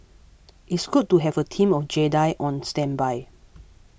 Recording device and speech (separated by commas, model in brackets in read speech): boundary microphone (BM630), read sentence